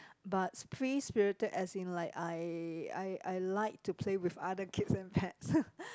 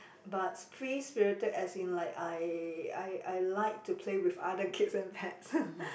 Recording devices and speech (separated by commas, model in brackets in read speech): close-talking microphone, boundary microphone, conversation in the same room